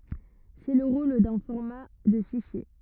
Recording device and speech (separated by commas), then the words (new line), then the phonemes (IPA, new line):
rigid in-ear microphone, read sentence
C'est le rôle d'un format de fichier.
sɛ lə ʁol dœ̃ fɔʁma də fiʃje